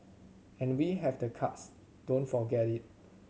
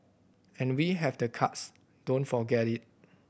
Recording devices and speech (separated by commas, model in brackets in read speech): mobile phone (Samsung C7100), boundary microphone (BM630), read sentence